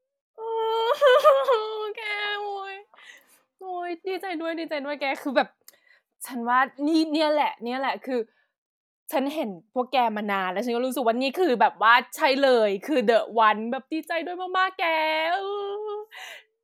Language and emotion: Thai, happy